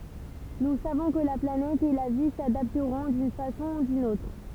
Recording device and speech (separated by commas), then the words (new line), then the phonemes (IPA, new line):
temple vibration pickup, read sentence
Nous savons que la planète et la vie s’adapteront d’une façon ou d’une autre.
nu savɔ̃ kə la planɛt e la vi sadaptʁɔ̃ dyn fasɔ̃ u dyn otʁ